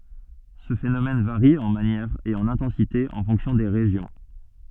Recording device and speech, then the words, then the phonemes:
soft in-ear microphone, read sentence
Ce phénomène varie en manière et en intensité en fonction des régions.
sə fenomɛn vaʁi ɑ̃ manjɛʁ e ɑ̃n ɛ̃tɑ̃site ɑ̃ fɔ̃ksjɔ̃ de ʁeʒjɔ̃

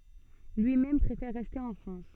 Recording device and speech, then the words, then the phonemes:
soft in-ear microphone, read sentence
Lui-même préfère rester en France.
lyimɛm pʁefɛʁ ʁɛste ɑ̃ fʁɑ̃s

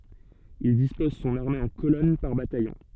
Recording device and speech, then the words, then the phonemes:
soft in-ear microphone, read sentence
Il dispose son armée en colonnes par bataillon.
il dispɔz sɔ̃n aʁme ɑ̃ kolɔn paʁ batajɔ̃

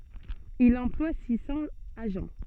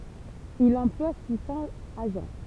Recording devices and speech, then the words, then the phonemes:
soft in-ear microphone, temple vibration pickup, read sentence
Il emploie six cents agents.
il ɑ̃plwa si sɑ̃z aʒɑ̃

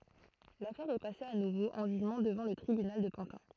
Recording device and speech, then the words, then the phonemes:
throat microphone, read sentence
L'affaire est passée à nouveau en jugement devant le tribunal de Pantin.
lafɛʁ ɛ pase a nuvo ɑ̃ ʒyʒmɑ̃ dəvɑ̃ lə tʁibynal də pɑ̃tɛ̃

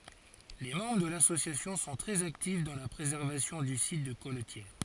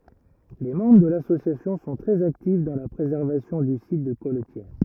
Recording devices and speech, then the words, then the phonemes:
forehead accelerometer, rigid in-ear microphone, read sentence
Les membres de l'association sont très actifs dans la préservation du site de colletière.
le mɑ̃bʁ də lasosjasjɔ̃ sɔ̃ tʁɛz aktif dɑ̃ la pʁezɛʁvasjɔ̃ dy sit də kɔltjɛʁ

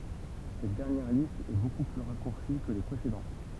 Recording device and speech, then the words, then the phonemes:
temple vibration pickup, read sentence
Cette dernière liste est beaucoup plus raccourcie que les précédentes.
sɛt dɛʁnjɛʁ list ɛ boku ply ʁakuʁsi kə le pʁesedɑ̃t

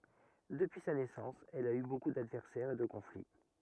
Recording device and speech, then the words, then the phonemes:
rigid in-ear microphone, read sentence
Depuis sa naissance, elle a eu beaucoup d'adversaires et de conflits.
dəpyi sa nɛsɑ̃s ɛl a y boku dadvɛʁsɛʁz e də kɔ̃fli

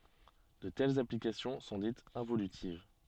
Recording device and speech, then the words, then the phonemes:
soft in-ear microphone, read sentence
De telles applications sont dites involutives.
də tɛlz aplikasjɔ̃ sɔ̃ ditz ɛ̃volytiv

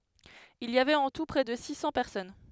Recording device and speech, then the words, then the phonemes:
headset microphone, read sentence
Il y avait en tout près de six cents personnes.
il i avɛt ɑ̃ tu pʁɛ də si sɑ̃ pɛʁsɔn

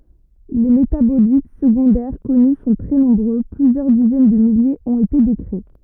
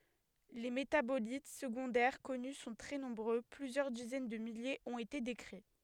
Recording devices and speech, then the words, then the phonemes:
rigid in-ear microphone, headset microphone, read sentence
Les métabolites secondaires connus sont très nombreux, plusieurs dizaines de milliers ont été décrits.
le metabolit səɡɔ̃dɛʁ kɔny sɔ̃ tʁɛ nɔ̃bʁø plyzjœʁ dizɛn də miljez ɔ̃t ete dekʁi

